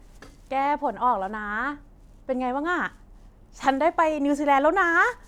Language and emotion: Thai, happy